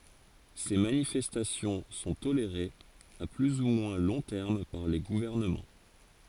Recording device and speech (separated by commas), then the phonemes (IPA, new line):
forehead accelerometer, read sentence
se manifɛstasjɔ̃ sɔ̃ toleʁez a ply u mwɛ̃ lɔ̃ tɛʁm paʁ le ɡuvɛʁnəmɑ̃